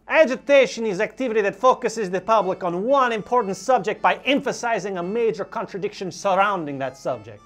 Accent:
European accent